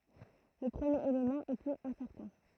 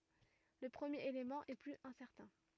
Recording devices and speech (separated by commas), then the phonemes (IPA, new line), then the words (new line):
throat microphone, rigid in-ear microphone, read sentence
lə pʁəmjeʁ elemɑ̃ ɛ plyz ɛ̃sɛʁtɛ̃
Le premier élément est plus incertain.